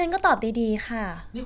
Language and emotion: Thai, frustrated